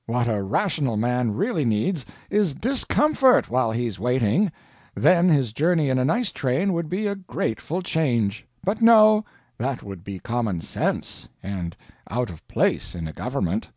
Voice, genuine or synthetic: genuine